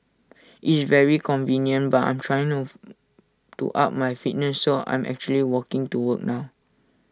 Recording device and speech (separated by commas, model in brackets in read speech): standing microphone (AKG C214), read sentence